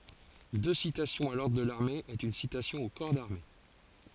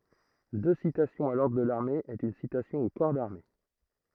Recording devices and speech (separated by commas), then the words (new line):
forehead accelerometer, throat microphone, read sentence
Deux citations à l'ordre de l'armée est une citation au corps d'armée.